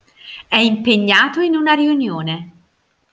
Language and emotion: Italian, happy